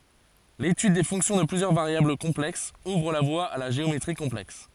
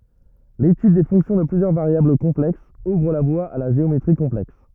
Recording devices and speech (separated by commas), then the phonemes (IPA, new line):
forehead accelerometer, rigid in-ear microphone, read sentence
letyd de fɔ̃ksjɔ̃ də plyzjœʁ vaʁjabl kɔ̃plɛksz uvʁ la vwa a la ʒeometʁi kɔ̃plɛks